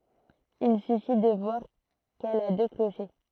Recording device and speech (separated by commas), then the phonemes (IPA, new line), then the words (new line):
throat microphone, read sentence
il syfi də vwaʁ kɛl a dø kloʃe
Il suffit de voir qu'elle a deux clochers.